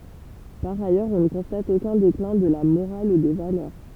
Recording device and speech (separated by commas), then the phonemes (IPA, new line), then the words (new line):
temple vibration pickup, read sentence
paʁ ajœʁz ɔ̃ nə kɔ̃stat okœ̃ deklɛ̃ də la moʁal u de valœʁ
Par ailleurs, on ne constate aucun déclin de la morale ou des valeurs.